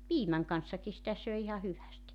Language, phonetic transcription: Finnish, "piimäŋ kanssaki sitä 'söi iha 'hyvästi .
- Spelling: piimän kanssakin sitä söi ihan hyvästi

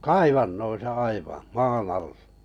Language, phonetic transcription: Finnish, kaivannoisa 'aivaa̰ , "maan ‿all(a) .
- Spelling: kaivannoissa aivan maan alla

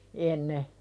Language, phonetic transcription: Finnish, enne .
- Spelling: ennen

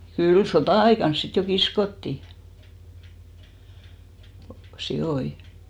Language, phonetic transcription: Finnish, 'kyl "sotà₍aikan 'sit jo "kiskottì , 'siʲoi .
- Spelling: kyllä sota-aikana sitten jo kiskottiin sikoja

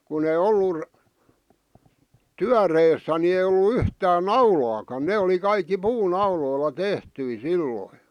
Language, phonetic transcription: Finnish, kun ‿ei 'ollur , "tyäreessä ni ei ollu 'yhtään "naulaakan 'ne oli 'kaikki "puu'nauloilla "tehtyi "silloⁱ .
- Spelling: kun ei ollut työreessä niin ei ollut yhtään naulaakaan ne oli kaikki puunauloilla tehtyjä silloin

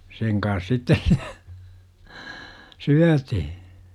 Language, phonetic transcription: Finnish, seŋ kans 'sittes s- , 'syätihI .
- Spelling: sen kanssa sitten - syötiin

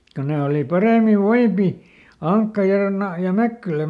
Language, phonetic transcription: Finnish, ko ˈne oli ˈparèmiv̆ "voipi , "Aŋkka ja Na- , ja "Mäkkylä .
- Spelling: kun ne oli paremmin voivia Ankka ja - ja Mäkkylä

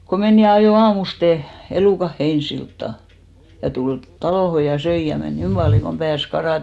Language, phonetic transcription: Finnish, ko "men ja ajò 'aamuste , 'elùkaʰ Heinsiltta , ja tul 'talòho ja 'söi ja men "niim paljoŋ kom 'pääs 'karàte .
- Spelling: kun meni ja ajoi aamusti elukat Heinäsiltaan ja tuli taloon ja söi ja meni niin paljon kuin pääsi karaten

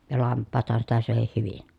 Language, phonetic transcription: Finnish, ja lamppaathan sitä sö̀ehih hyvin .
- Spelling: ja lampaathan sitä söikin hyvin

